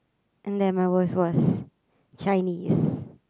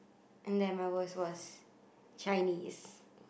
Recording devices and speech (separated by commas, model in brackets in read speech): close-talking microphone, boundary microphone, conversation in the same room